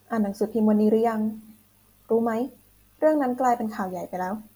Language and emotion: Thai, neutral